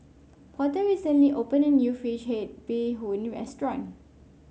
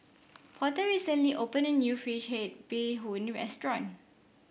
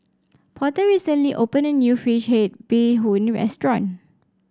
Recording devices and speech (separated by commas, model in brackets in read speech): mobile phone (Samsung C5), boundary microphone (BM630), standing microphone (AKG C214), read sentence